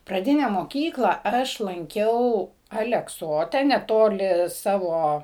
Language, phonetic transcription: Lithuanian, praˈdine moˈkykla ˈaš lanˈkiau alekˈsote neˈtoli ˈsavo

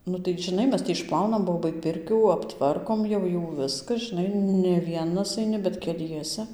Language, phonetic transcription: Lithuanian, ˈnu tai žiˈnai ˈmes ti išˈplaunam ˈbobai ˈpirkių apˈtvarkom jau ˈjų ˈviska žiˈnai ne ˈvienas aiˈni bet keˈliese

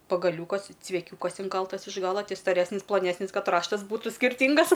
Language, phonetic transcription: Lithuanian, pagaˈliūkas cveˈkiūkas inˈkaltas iš ˈgala ˈti staˈresnis plaˈnesnis ˈkad ˈraštas ˈbūtu skirˈtyngas

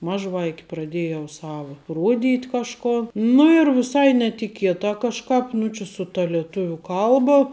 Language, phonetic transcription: Lithuanian, ˈmažˌvaiki praˈdėjau ˈsavo ˈruoˌdyt' kažˈko nu ir viˈsai netiˈkietā kažˈkāp ˈnu či su ta lieˈtuviu ˈkalba

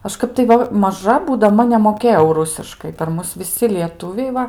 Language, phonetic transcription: Lithuanian, ˈaš ˈkap tai ˈva maˈža būdaˈma nemoˈkėjau ˈrusiškai per ˈmus viˈsi lieˈtuviai ˈva

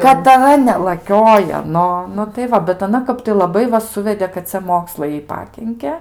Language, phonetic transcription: Lithuanian, katˈra nelaˈkiojo ˈnu nu tai ˈva bet aˈna ˈkap tai laˈbai va ˈsuvedė kad ˈcia ˈmokslai ˈjai ˈpakinke

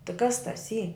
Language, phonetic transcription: Lithuanian, tɨ kas tas ˈy

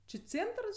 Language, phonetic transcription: Lithuanian, či ˈcėntrs

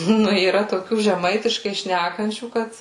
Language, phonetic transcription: Lithuanian, ˈnu yˈra toˈkių žeˈmaitiškai ˈšnækančių ˈkad

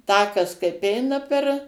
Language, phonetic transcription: Lithuanian, ˈtakas kaip ˈeina per

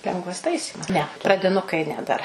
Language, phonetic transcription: Lithuanian, ˈlengvas ˈtaisymas ne pradiˈnukai ˈne dar

